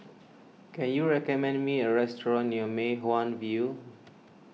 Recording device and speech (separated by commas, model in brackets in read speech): mobile phone (iPhone 6), read sentence